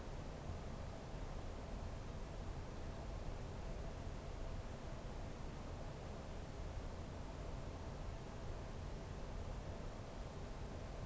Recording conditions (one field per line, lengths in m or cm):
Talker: no one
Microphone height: 1.8 m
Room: small (3.7 m by 2.7 m)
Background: none